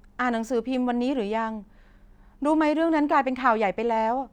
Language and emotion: Thai, neutral